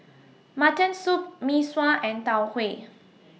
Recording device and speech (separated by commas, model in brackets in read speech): mobile phone (iPhone 6), read sentence